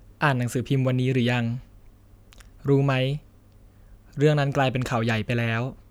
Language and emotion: Thai, neutral